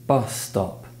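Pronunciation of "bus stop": In 'bus stop', the two words link together, so it is hard to hear where one ends and the next begins.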